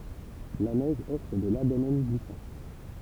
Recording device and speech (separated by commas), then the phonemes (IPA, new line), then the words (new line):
temple vibration pickup, read sentence
la nɛʒ ɔfʁ də laʁʒ domɛn ɡlisɑ̃
La neige offre de larges domaines glissants.